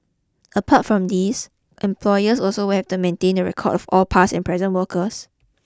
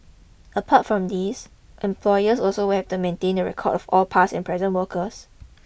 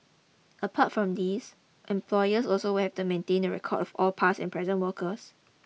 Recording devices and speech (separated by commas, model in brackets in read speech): close-talking microphone (WH20), boundary microphone (BM630), mobile phone (iPhone 6), read sentence